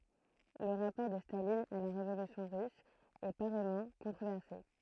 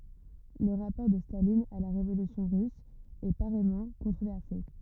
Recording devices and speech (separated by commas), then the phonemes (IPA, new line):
throat microphone, rigid in-ear microphone, read sentence
lə ʁapɔʁ də stalin a la ʁevolysjɔ̃ ʁys ɛ paʁɛjmɑ̃ kɔ̃tʁovɛʁse